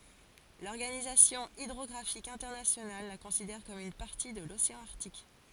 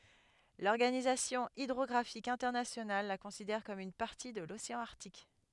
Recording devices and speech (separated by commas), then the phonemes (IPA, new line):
forehead accelerometer, headset microphone, read sentence
lɔʁɡanizasjɔ̃ idʁɔɡʁafik ɛ̃tɛʁnasjonal la kɔ̃sidɛʁ kɔm yn paʁti də loseɑ̃ aʁtik